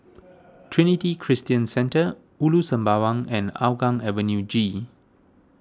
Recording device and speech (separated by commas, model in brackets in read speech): standing microphone (AKG C214), read sentence